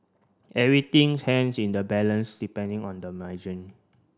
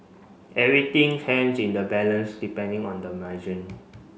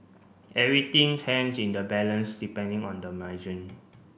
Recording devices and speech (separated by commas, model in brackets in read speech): standing microphone (AKG C214), mobile phone (Samsung C5), boundary microphone (BM630), read sentence